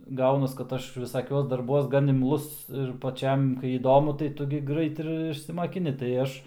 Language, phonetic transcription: Lithuanian, ˈgaunas kad ˈaš viˈsakiuos darˈbuos gan imˈlus ir paˈčiam kai įˈdomu tai ˈtu gi ˈgrait ir išsimakiˈni tai ˈaš

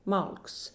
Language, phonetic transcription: Lithuanian, ˈmalks

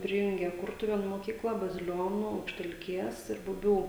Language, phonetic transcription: Lithuanian, ˈprijungė ˈkurtuvėnų moˈkykla baziˈlionų aukštelˈkės ir buˈbių

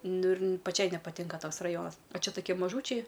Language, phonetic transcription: Lithuanian, ˈnu ir paˈčiai nepaˈtinka ˈtoks raˈjonas o ˈčia toˈkie maˈžūčiai

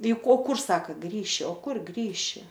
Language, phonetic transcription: Lithuanian, i ˈko ˈkur ˈsaka ˈgrįši o ˈkur ˈgrįši

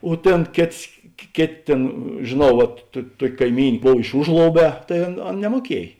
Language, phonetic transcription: Lithuanian, o ˈtėn ˈkėts kė ˈkėˌtė ˈtėn žėˈnau vat tu ˈtuok' kaiˈmyn' ˈbov iš ˈužlouˌbē tai ˈan ˈan nemuoˈkiej

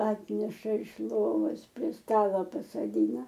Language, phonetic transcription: Lithuanian, ˈatneša iš ˈlovos prie ˈstalo pasaˈdyna

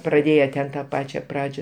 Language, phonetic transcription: Lithuanian, praˈdėje ten ta ˈpačia ˈpradžia

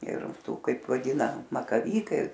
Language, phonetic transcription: Lithuanian, ir ˈtų ˈkaip vaˈdyna makaˈvykai

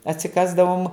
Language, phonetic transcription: Lithuanian, atsiˈkasdavom

